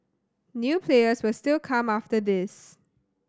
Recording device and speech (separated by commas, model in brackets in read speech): standing microphone (AKG C214), read sentence